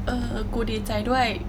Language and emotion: Thai, sad